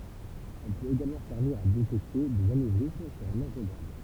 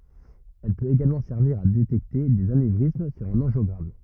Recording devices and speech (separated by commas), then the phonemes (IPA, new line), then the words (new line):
temple vibration pickup, rigid in-ear microphone, read sentence
ɛl pøt eɡalmɑ̃ sɛʁviʁ a detɛkte dez anevʁism syʁ œ̃n ɑ̃ʒjɔɡʁam
Elle peut également servir à détecter des anévrismes sur un angiogramme.